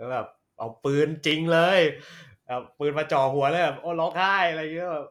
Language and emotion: Thai, happy